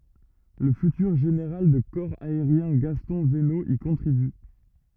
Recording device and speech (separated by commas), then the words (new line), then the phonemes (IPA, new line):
rigid in-ear microphone, read sentence
Le futur général de corps aérien Gaston Venot y contribue.
lə fytyʁ ʒeneʁal də kɔʁ aeʁjɛ̃ ɡastɔ̃ vəno i kɔ̃tʁiby